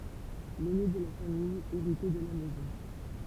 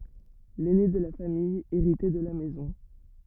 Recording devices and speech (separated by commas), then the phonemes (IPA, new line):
temple vibration pickup, rigid in-ear microphone, read sentence
lɛne də la famij eʁitɛ də la mɛzɔ̃